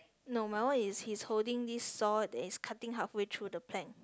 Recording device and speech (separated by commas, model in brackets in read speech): close-talking microphone, conversation in the same room